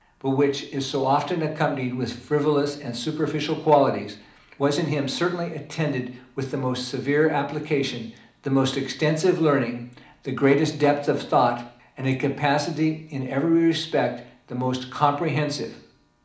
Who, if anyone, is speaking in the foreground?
One person.